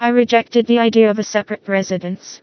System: TTS, vocoder